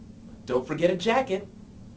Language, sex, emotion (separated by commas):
English, male, happy